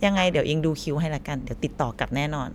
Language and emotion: Thai, neutral